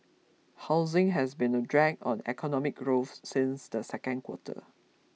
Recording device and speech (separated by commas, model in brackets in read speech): mobile phone (iPhone 6), read sentence